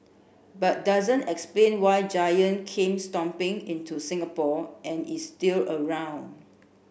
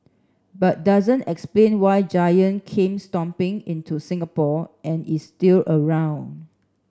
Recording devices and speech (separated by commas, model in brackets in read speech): boundary microphone (BM630), standing microphone (AKG C214), read sentence